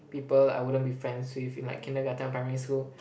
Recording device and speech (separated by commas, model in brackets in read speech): boundary microphone, conversation in the same room